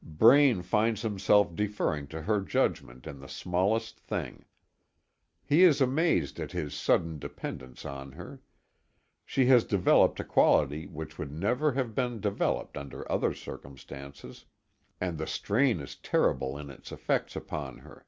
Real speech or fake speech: real